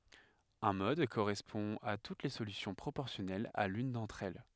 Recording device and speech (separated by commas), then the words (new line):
headset microphone, read sentence
Un mode correspond à toutes les solutions proportionnelles à l'une d'entre elles.